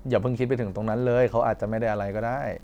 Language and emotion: Thai, neutral